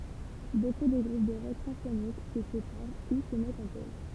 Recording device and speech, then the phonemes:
temple vibration pickup, read sentence
boku də ɡʁup də ʁɔk sɛ̃fonik sə sepaʁ u sə mɛtt ɑ̃ poz

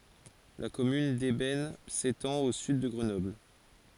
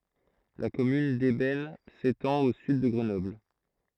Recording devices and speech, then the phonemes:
forehead accelerometer, throat microphone, read sentence
la kɔmyn dɛbɛn setɑ̃t o syd də ɡʁənɔbl

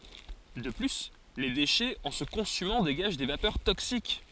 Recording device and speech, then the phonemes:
forehead accelerometer, read sentence
də ply le deʃɛz ɑ̃ sə kɔ̃symɑ̃ deɡaʒ de vapœʁ toksik

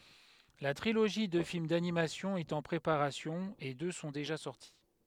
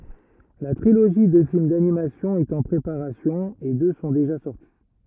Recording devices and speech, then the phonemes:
headset microphone, rigid in-ear microphone, read sentence
la tʁiloʒi də film danimasjɔ̃ ɛt ɑ̃ pʁepaʁasjɔ̃ e dø sɔ̃ deʒa sɔʁti

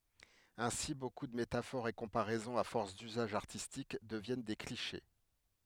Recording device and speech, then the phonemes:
headset microphone, read sentence
ɛ̃si boku də metafoʁz e kɔ̃paʁɛzɔ̃z a fɔʁs dyzaʒ aʁtistik dəvjɛn de kliʃe

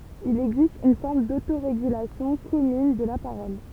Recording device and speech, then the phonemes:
temple vibration pickup, read sentence
il ɛɡzist yn fɔʁm dotoʁeɡylasjɔ̃ kɔmyn də la paʁɔl

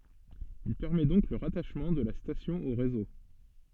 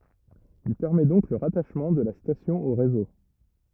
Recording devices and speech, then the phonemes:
soft in-ear microphone, rigid in-ear microphone, read sentence
il pɛʁmɛ dɔ̃k lə ʁataʃmɑ̃ də la stasjɔ̃ o ʁezo

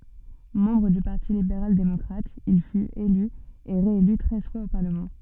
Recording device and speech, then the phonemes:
soft in-ear microphone, read sentence
mɑ̃bʁ dy paʁti libeʁal demɔkʁat il fyt ely e ʁeely tʁɛz fwaz o paʁləmɑ̃

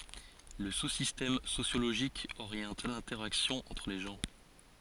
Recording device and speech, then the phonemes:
forehead accelerometer, read sentence
lə su sistɛm sosjoloʒik oʁjɑ̃t lɛ̃tɛʁaksjɔ̃ ɑ̃tʁ le ʒɑ̃

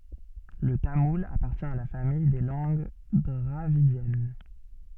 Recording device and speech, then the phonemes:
soft in-ear microphone, read sentence
lə tamul apaʁtjɛ̃ a la famij de lɑ̃ɡ dʁavidjɛn

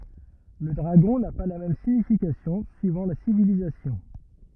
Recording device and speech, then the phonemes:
rigid in-ear microphone, read sentence
lə dʁaɡɔ̃ na pa la mɛm siɲifikasjɔ̃ syivɑ̃ la sivilizasjɔ̃

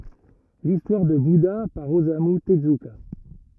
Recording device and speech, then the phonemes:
rigid in-ear microphone, read sentence
listwaʁ də buda paʁ ozamy təzyka

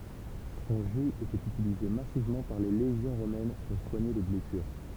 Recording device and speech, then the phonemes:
temple vibration pickup, read sentence
sɔ̃ ʒy etɛt ytilize masivmɑ̃ paʁ le leʒjɔ̃ ʁomɛn puʁ swaɲe le blɛsyʁ

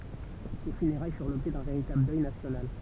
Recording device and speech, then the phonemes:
temple vibration pickup, read sentence
se fyneʁaj fyʁ lɔbʒɛ dœ̃ veʁitabl dœj nasjonal

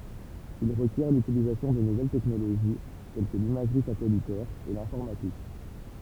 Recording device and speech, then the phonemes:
temple vibration pickup, read sentence
il ʁəkjɛʁ lytilizasjɔ̃ də nuvɛl tɛknoloʒi tɛl kə limaʒʁi satɛlitɛʁ e lɛ̃fɔʁmatik

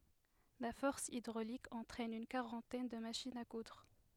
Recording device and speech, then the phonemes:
headset microphone, read sentence
la fɔʁs idʁolik ɑ̃tʁɛn yn kaʁɑ̃tɛn də maʃinz a kudʁ

